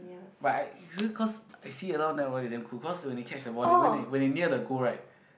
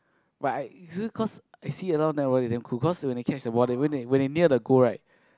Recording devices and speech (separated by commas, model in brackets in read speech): boundary microphone, close-talking microphone, conversation in the same room